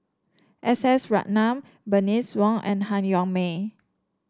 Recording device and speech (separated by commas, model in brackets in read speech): standing microphone (AKG C214), read sentence